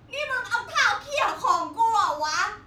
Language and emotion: Thai, angry